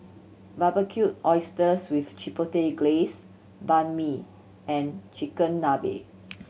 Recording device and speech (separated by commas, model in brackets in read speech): mobile phone (Samsung C7100), read sentence